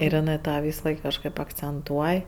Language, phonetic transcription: Lithuanian, ir iˈnɜ ˈtą ˈvysaˌlaik kažˈkɜp akcenˈtuoj

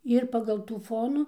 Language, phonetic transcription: Lithuanian, ir pagal ˈtų ˈfonų

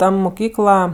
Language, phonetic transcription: Lithuanian, ˈta muˈkykla

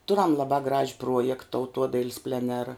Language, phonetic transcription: Lithuanian, ˈturam laˈbā graž' ˈpruojekt tauˈtuodail's' pleˈnera

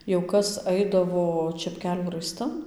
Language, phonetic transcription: Lithuanian, jau ˈkas ˈaidavo čepˈkelių raiˈstan

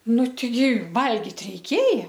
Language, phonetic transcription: Lithuanian, ˈnu teiˈgi ˈvalgit reiˈkėja

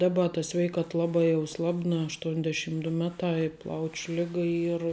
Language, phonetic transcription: Lithuanian, ˈdaba ta ˈsveikat ˈlabā jau ˈslabna ašˈtuonˌdešym du ˈmeˌtā i ˈplauč' ˈliga ˈyr

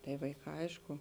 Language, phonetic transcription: Lithuanian, tai vaiˈkā ˈaišku

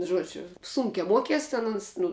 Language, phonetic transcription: Lithuanian, ˈžuodžiu ˈsunke ˈmuokies ˈten uns ˈnu

